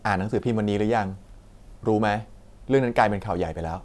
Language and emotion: Thai, neutral